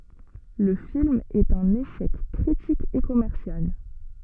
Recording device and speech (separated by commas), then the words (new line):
soft in-ear microphone, read sentence
Le film est un échec critique et commercial.